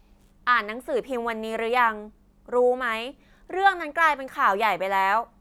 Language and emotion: Thai, frustrated